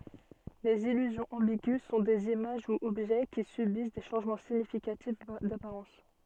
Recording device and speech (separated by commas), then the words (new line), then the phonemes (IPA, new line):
soft in-ear microphone, read sentence
Les illusions ambiguës sont des images ou objets qui subissent des changements significatifs d'apparence.
lez ilyzjɔ̃z ɑ̃biɡy sɔ̃ dez imaʒ u ɔbʒɛ ki sybis de ʃɑ̃ʒmɑ̃ siɲifikatif dapaʁɑ̃s